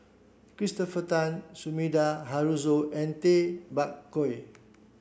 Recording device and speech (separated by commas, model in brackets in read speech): boundary microphone (BM630), read sentence